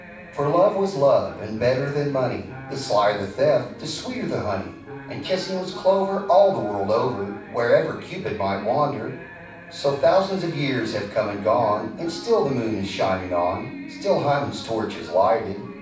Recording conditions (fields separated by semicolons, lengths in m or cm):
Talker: one person; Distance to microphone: 5.8 m; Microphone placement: far; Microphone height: 1.8 m; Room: medium-sized (5.7 m by 4.0 m); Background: television